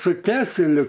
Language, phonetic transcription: Lithuanian, su ˈkeseliu

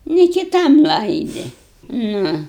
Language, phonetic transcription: Lithuanian, ni kiˈtam ˈlaidi ˈnu

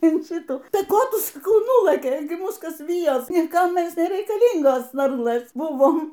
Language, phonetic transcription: Lithuanian, in ˈšytų ˈtai ˈko ˈtu saˈkau ˈnūlɘkei ˈmūs ˈkas ˈvyjos niˈkam ˈmes nereikaˈlyngos ˈvarlɘs ˈbuvom

